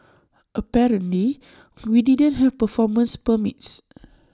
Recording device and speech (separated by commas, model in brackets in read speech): standing microphone (AKG C214), read sentence